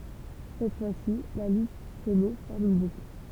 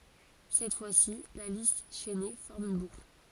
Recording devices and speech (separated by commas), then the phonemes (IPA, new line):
temple vibration pickup, forehead accelerometer, read sentence
sɛt fwasi la list ʃɛne fɔʁm yn bukl